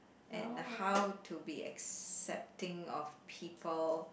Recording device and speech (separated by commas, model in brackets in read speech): boundary microphone, conversation in the same room